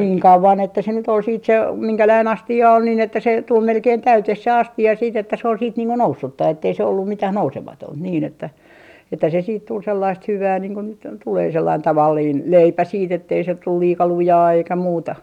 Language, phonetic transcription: Finnish, niiŋ 'kauvan että se nyt ‿ol siit se , 'miŋkäläin 'asti₍a ol nin ‿että se 'tul 'melkein "täyteh se 'asti₍a siit ‿että sᵉ ‿ol siit niiŋ ku "noussutta ettei se ollum 'mitäh "nousematònt niin ‿että , että se siit tul 'sellaist 'hyvää niiŋ ko nyt , 'tulee 'sellain 'tavalliin , "leipä 'siit ‿ettei se 'tul 'liika 'lujaa eikä 'muuta .
- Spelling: niin kauan että se nyt oli sitten se minkälainen astia oli niin että se tuli melkein täyteen se astia sitten että se oli sitten niin kuin noussutta että ei se ollut mitään nousematonta niin että että se sitten tuli sellaista hyvää niin kuin nyt tulee sellainen tavallinen leipä sitten että ei se tule liika lujaa eikä muuta

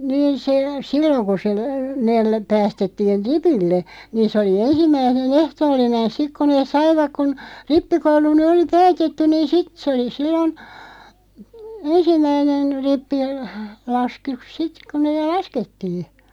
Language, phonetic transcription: Finnish, 'niin se , 'silloŋ ku se , 'neel , 'päästettiin̬ "ripille , 'niin sᵉ oli "ensimmäi(ne'n) ‿ehtoollinen 'sik ko nees "saivak kun , 'rippikoulu ny 'oli "päätettyⁿ niin "sit 'sᵉ oli 'sillon , "ensim̆mäinen , 'rippi- , -lask- -yk 'sit ku 'neeˡ "laskettii .
- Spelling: niin se silloin kun se ne päästettiin ripille niin se oli ensimmäinen ehtoollinen sitten kun ne saivat kun rippikoulu nyt oli päätetty niin sitten se oli silloin ensimmäinen - - - sitten kun ne laskettiin

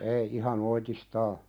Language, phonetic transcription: Finnish, ei ihan 'oitis"taa .
- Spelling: ei ihan oitis

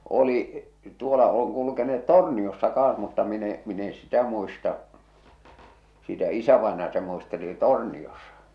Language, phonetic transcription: Finnish, 'oli , 'tuola oŋ kulukene₍et "Torniossa 'kaaa̰s mutta min ‿e , min ‿e 'sitä muista’ , sitä 'isävàenaja se muisteli "Tòrniosᴀ .
- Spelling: oli tuolla on kulkeneet Torniossa kanssa mutta minä en minä en sitä muista sitä isävainaja se muisteli Torniossa

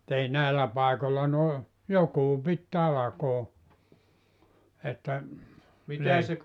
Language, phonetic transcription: Finnish, [mu]t ‿ei 'nä̀ellä 'pàikolla noi , 'jokuu pit 'talakoo , että , leik- ,.
- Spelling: mutta ei näillä paikoilla noin joku piti talkoon että -

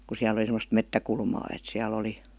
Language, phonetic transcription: Finnish, ku siäl ‿°li semmost "mettäkulmaa et 'siäl ‿oli ,.
- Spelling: kun siellä oli semmoista metsäkulmaa että siellä oli

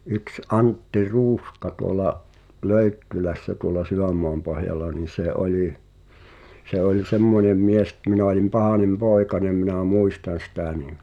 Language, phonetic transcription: Finnish, yks 'Antti "Ruuska tuola’ , 'Löyttylässä tuola 'Syvämmoampohjalla nì sè 'oli , 'se oĺ "semmońem 'mies (et) minä olim 'pahànem "pòekanem minä̀ "mùistan̬ 'sⁱtä̀ nim ,.
- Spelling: yksi Antti Ruuska tuolla Löyttylässä tuolla Sydänmaanpohjalla niin se oli se oli semmoinen mies että minä olin pahainen poikanen minä muistan sitä niin

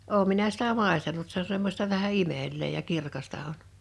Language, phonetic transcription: Finnish, 'òum minä sitä 'màestanut se ‿o 'semmośta vähä "imel̆lee ja 'kirkasta on .
- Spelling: olen minä sitä maistanut se on semmoista vähän imelää ja kirkasta on

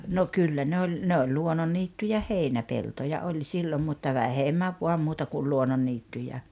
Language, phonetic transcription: Finnish, no 'kyllä ne 'oĺ , ne oĺ 'luononniittyjä "heinäpeltoja 'oĺ 'sillom mutta "vähemmäv 'vuam 'muuta ku 'luononniittyjä .
- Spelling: no kyllä ne oli ne oli luonnonniittyjä heinäpeltoja oli silloin mutta vähemmän vain muuta kuin luonnonniittyjä

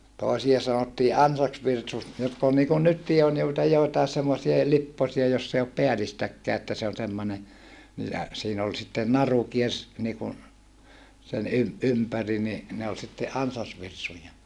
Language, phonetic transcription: Finnish, tòesia sanottii ansaksvirsus jotk ‿ol niikun nyttii on joita joitaes semmosie lipposia joss ‿ei op peälistäkkää että se on semmone , ni jä , siin ‿ol sitten naru kiers , niikun , sen ym- , ympäri ni , ne ol sitte ʼansasvirsuja .
- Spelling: toisia sanottiin ansasvirsuksi jotka oli niin kuin nytkin on joita joitakin semmoisia lipposia jossa ei ole päällistäkään että se on semmoinen niin ja siinä oli sitten naru kiersi niin kuin sen - ympäri niin ne oli sitten ansasvirsuja

